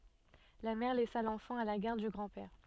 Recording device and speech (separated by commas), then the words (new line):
soft in-ear microphone, read sentence
La mère laissa l'enfant à la garde du grand-père.